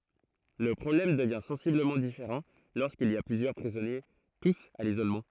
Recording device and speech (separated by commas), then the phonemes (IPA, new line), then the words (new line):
throat microphone, read sentence
lə pʁɔblɛm dəvjɛ̃ sɑ̃sibləmɑ̃ difeʁɑ̃ loʁskilz i a plyzjœʁ pʁizɔnje tus a lizolmɑ̃
Le problème devient sensiblement différent lorsqu'ils y a plusieurs prisonniers tous à l'isolement.